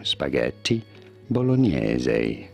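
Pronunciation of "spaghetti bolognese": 'Bolognese' is pronounced correctly here, with the typical Italian pronunciation.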